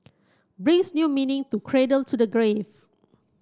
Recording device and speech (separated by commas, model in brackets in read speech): close-talking microphone (WH30), read sentence